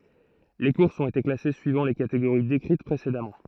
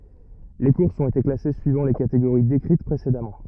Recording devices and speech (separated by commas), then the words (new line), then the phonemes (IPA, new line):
throat microphone, rigid in-ear microphone, read sentence
Les courses ont été classées suivant les catégories décrites précédemment.
le kuʁsz ɔ̃t ete klase syivɑ̃ le kateɡoʁi dekʁit pʁesedamɑ̃